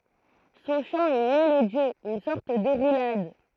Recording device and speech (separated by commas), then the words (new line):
throat microphone, read sentence
Son chant est mélodieux, une sorte de roulade.